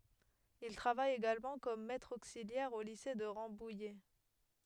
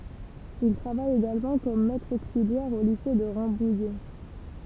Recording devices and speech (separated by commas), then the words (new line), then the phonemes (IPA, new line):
headset microphone, temple vibration pickup, read sentence
Il travaille également comme maître auxiliaire au lycée de Rambouillet.
il tʁavaj eɡalmɑ̃ kɔm mɛtʁ oksiljɛʁ o lise də ʁɑ̃bujɛ